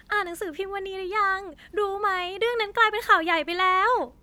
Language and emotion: Thai, happy